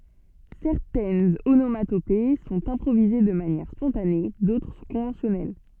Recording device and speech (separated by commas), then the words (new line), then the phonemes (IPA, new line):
soft in-ear microphone, read sentence
Certaines onomatopées sont improvisées de manière spontanée, d'autres sont conventionnelles.
sɛʁtɛnz onomatope sɔ̃t ɛ̃pʁovize də manjɛʁ spɔ̃tane dotʁ sɔ̃ kɔ̃vɑ̃sjɔnɛl